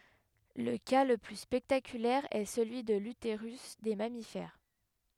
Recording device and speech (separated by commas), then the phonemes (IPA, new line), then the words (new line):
headset microphone, read sentence
lə ka lə ply spɛktakylɛʁ ɛ səlyi də lyteʁys de mamifɛʁ
Le cas le plus spectaculaire est celui de l'utérus des mammifères.